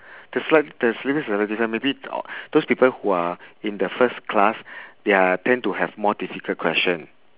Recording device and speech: telephone, conversation in separate rooms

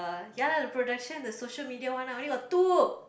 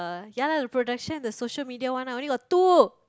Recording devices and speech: boundary microphone, close-talking microphone, conversation in the same room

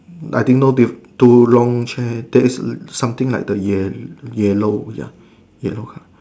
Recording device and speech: standing microphone, conversation in separate rooms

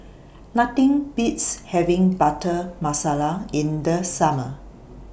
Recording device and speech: boundary microphone (BM630), read sentence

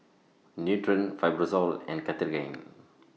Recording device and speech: mobile phone (iPhone 6), read sentence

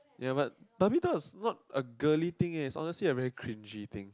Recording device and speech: close-talking microphone, conversation in the same room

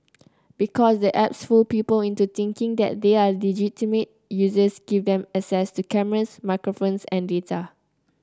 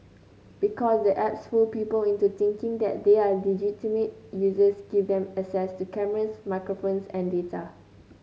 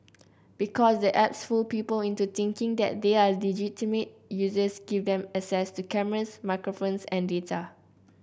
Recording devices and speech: close-talking microphone (WH30), mobile phone (Samsung C9), boundary microphone (BM630), read sentence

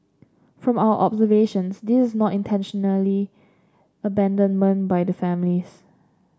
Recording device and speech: standing microphone (AKG C214), read sentence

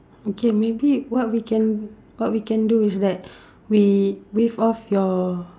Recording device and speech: standing microphone, conversation in separate rooms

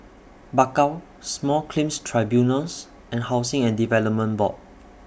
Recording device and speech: boundary microphone (BM630), read sentence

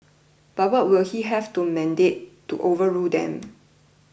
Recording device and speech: boundary microphone (BM630), read sentence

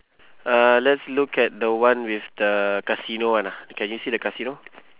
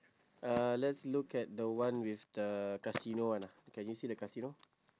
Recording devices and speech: telephone, standing microphone, conversation in separate rooms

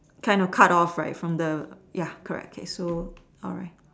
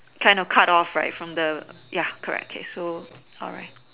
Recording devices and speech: standing microphone, telephone, conversation in separate rooms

